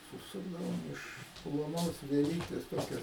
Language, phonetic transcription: Lithuanian, suˈsukdavom iš ploˈnos vieˈlytės ˈtokia

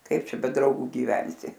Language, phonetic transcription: Lithuanian, ˈkaip ˈčia be ˈdraugu giˈvensi

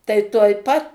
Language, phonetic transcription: Lithuanian, tai tuoj ˈpat

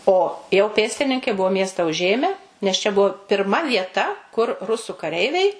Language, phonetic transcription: Lithuanian, o jau ˈpėstininkai ˈbuvo ˈmiesta uˈžėme nes čia ˈbuvo pirˈma vieˈta kur ˈrusu kaˈreiviai

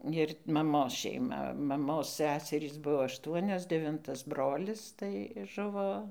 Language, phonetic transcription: Lithuanian, ir maˈmos šeiˈma maˈmos ˈsæserys ˈbuo ašˈtuonios deˈvintas ˈbrolis tai ˈžuvo

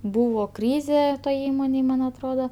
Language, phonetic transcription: Lithuanian, ˈbūvo ˈkryzė toj ˈįmonėj ˈman atˈroda

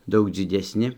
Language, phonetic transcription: Lithuanian, ˈdaug dzidesˈni

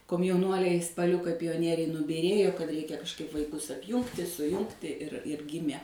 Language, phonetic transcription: Lithuanian, komjauˈnuoliai spaˈliukai pijoˈnieriai nubyˈrėjo kad ˈreikia kažkˈaip vaiˈkus apˈjūngti suˈjungti ir ir ˈgimė

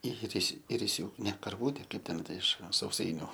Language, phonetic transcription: Lithuanian, iˈris' iriˈsiūkai ˈne karˈvūte ˈkaip ten ˈta iš sauˈsainiu

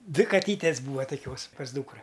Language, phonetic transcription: Lithuanian, ˈdvi kaˈtytės ˈbūva toˈkios pas ˈdūkra

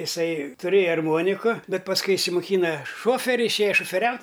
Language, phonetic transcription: Lithuanian, iˈsai tuˈrėja arˈmoniku ˈbet pasˈkui išsimoˈkyna ˈšoferi išˈėja šofeˈriaut'

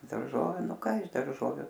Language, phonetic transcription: Lithuanian, darˈžoviu ˈnu ˈka iš darˈžoviu

